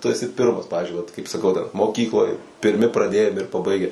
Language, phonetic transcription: Lithuanian, tu eˈsi ˈpirmas ˈpavizdžiui vat kaip saˈkau dar moˈkykloj pirˈmi praˈdėjam ir paˈbaige

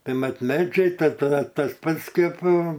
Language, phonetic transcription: Lithuanian, ˈtai ˈmat ˈmedžiai ˈta taˈda tas ˈpats ˈkėp

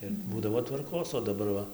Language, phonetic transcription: Lithuanian, ir ˈbūdavo tvarˈkos o daˈbar ˈva

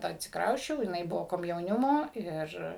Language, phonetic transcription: Lithuanian, atsikˈrausčiau jiˈnai ˈbuvo komjauˈnimo ˈir

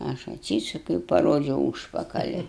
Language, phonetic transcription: Lithuanian, ˈaš atˈsysukiau i paˈrodžiau ˈūžpakali

